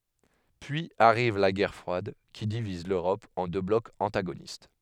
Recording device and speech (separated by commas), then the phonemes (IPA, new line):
headset microphone, read sentence
pyiz aʁiv la ɡɛʁ fʁwad ki diviz løʁɔp ɑ̃ dø blɔkz ɑ̃taɡonist